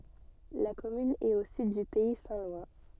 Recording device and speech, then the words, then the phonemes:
soft in-ear microphone, read sentence
La commune est au sud du pays saint-lois.
la kɔmyn ɛt o syd dy pɛi sɛ̃ lwa

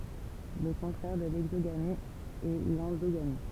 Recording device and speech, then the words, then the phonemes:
temple vibration pickup, read sentence
Le contraire de l'exogamie est l'endogamie.
lə kɔ̃tʁɛʁ də lɛɡzoɡami ɛ lɑ̃doɡami

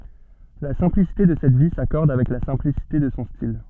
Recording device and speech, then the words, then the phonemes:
soft in-ear microphone, read sentence
La simplicité de cette vie s'accorde avec la simplicité de son style.
la sɛ̃plisite də sɛt vi sakɔʁd avɛk la sɛ̃plisite də sɔ̃ stil

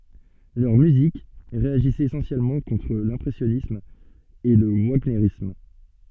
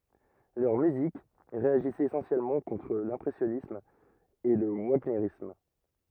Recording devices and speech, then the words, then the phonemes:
soft in-ear microphone, rigid in-ear microphone, read sentence
Leur musique réagissait essentiellement contre l'impressionnisme et le wagnérisme.
lœʁ myzik ʁeaʒisɛt esɑ̃sjɛlmɑ̃ kɔ̃tʁ lɛ̃pʁɛsjɔnism e lə vaɲeʁism

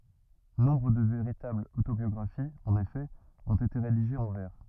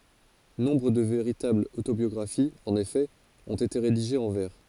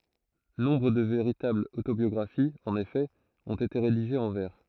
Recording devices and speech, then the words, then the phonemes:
rigid in-ear microphone, forehead accelerometer, throat microphone, read sentence
Nombre de véritables autobiographies, en effet, ont été rédigées en vers.
nɔ̃bʁ də veʁitablz otobjɔɡʁafiz ɑ̃n efɛ ɔ̃t ete ʁediʒez ɑ̃ vɛʁ

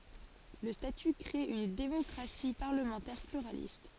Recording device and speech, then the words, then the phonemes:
forehead accelerometer, read sentence
Le statut crée une démocratie parlementaire pluraliste.
lə staty kʁe yn demɔkʁasi paʁləmɑ̃tɛʁ plyʁalist

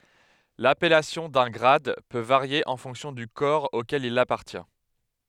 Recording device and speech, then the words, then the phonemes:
headset microphone, read sentence
L'appellation d'un grade peut varier en fonction du corps auquel il appartient.
lapɛlasjɔ̃ dœ̃ ɡʁad pø vaʁje ɑ̃ fɔ̃ksjɔ̃ dy kɔʁ okɛl il apaʁtjɛ̃

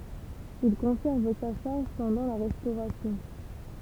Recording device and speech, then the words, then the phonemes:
temple vibration pickup, read sentence
Il conserve sa charge pendant la Restauration.
il kɔ̃sɛʁv sa ʃaʁʒ pɑ̃dɑ̃ la ʁɛstoʁasjɔ̃

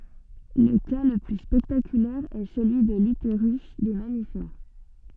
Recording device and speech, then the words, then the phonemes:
soft in-ear microphone, read sentence
Le cas le plus spectaculaire est celui de l'utérus des mammifères.
lə ka lə ply spɛktakylɛʁ ɛ səlyi də lyteʁys de mamifɛʁ

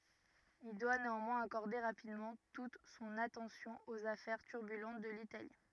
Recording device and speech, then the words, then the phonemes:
rigid in-ear microphone, read sentence
Il doit néanmoins accorder rapidement toute son attention aux affaires turbulentes de l’Italie.
il dwa neɑ̃mwɛ̃z akɔʁde ʁapidmɑ̃ tut sɔ̃n atɑ̃sjɔ̃ oz afɛʁ tyʁbylɑ̃t də litali

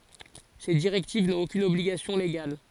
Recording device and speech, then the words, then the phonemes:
forehead accelerometer, read sentence
Ces directives n'ont aucune obligation légale.
se diʁɛktiv nɔ̃t okyn ɔbliɡasjɔ̃ leɡal

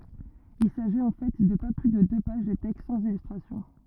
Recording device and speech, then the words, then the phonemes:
rigid in-ear microphone, read sentence
Il s’agit en fait de pas plus de deux pages de texte sans illustration.
il saʒit ɑ̃ fɛ də pa ply də dø paʒ də tɛkst sɑ̃z ilystʁasjɔ̃

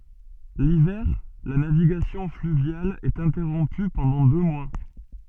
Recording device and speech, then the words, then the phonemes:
soft in-ear microphone, read sentence
L'hiver, la navigation fluviale est interrompue pendant deux mois.
livɛʁ la naviɡasjɔ̃ flyvjal ɛt ɛ̃tɛʁɔ̃py pɑ̃dɑ̃ dø mwa

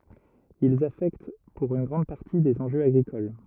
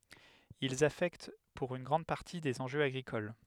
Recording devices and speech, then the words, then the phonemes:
rigid in-ear microphone, headset microphone, read sentence
Ils affectent pour une grande partie des enjeux agricoles.
ilz afɛkt puʁ yn ɡʁɑ̃d paʁti dez ɑ̃ʒøz aɡʁikol

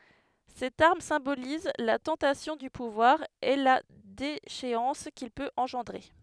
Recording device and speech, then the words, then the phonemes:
headset microphone, read sentence
Cette arme symbolise la tentation du pouvoir, et la déchéance qu'il peut engendrer.
sɛt aʁm sɛ̃boliz la tɑ̃tasjɔ̃ dy puvwaʁ e la deʃeɑ̃s kil pøt ɑ̃ʒɑ̃dʁe

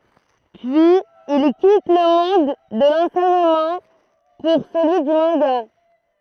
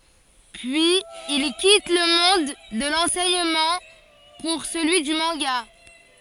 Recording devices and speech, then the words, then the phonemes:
throat microphone, forehead accelerometer, read sentence
Puis il quitte le monde de l'enseignement pour celui du manga.
pyiz il kit lə mɔ̃d də lɑ̃sɛɲəmɑ̃ puʁ səlyi dy mɑ̃ɡa

